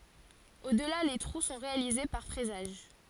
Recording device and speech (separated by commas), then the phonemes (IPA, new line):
forehead accelerometer, read sentence
odla le tʁu sɔ̃ ʁealize paʁ fʁɛzaʒ